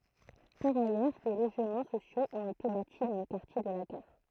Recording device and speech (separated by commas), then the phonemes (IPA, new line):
throat microphone, read sentence
paʁ ajœʁ de loʒmɑ̃ sosjoz ɔ̃t ete bati dɑ̃ lə kaʁtje də la ɡaʁ